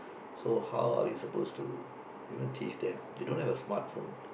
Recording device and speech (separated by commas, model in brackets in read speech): boundary microphone, conversation in the same room